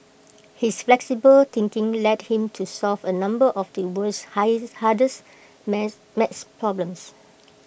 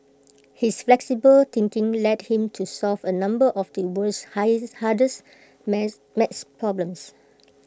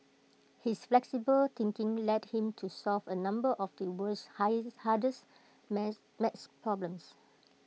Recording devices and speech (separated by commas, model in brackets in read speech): boundary microphone (BM630), close-talking microphone (WH20), mobile phone (iPhone 6), read sentence